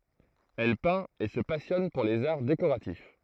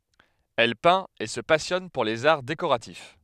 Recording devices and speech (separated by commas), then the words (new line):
throat microphone, headset microphone, read sentence
Elle peint et se passionne pour les arts décoratifs.